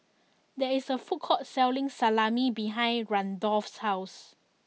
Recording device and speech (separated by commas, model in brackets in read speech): mobile phone (iPhone 6), read sentence